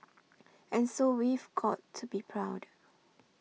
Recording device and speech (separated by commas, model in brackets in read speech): mobile phone (iPhone 6), read sentence